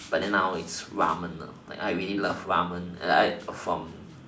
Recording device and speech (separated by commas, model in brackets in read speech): standing microphone, conversation in separate rooms